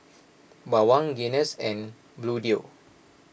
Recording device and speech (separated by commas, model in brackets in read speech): boundary microphone (BM630), read sentence